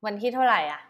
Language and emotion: Thai, neutral